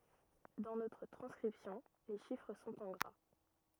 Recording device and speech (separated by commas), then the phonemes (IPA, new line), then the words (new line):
rigid in-ear microphone, read sentence
dɑ̃ notʁ tʁɑ̃skʁipsjɔ̃ le ʃifʁ sɔ̃t ɑ̃ ɡʁa
Dans notre transcription, les chiffres sont en gras.